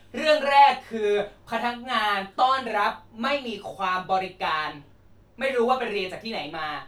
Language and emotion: Thai, angry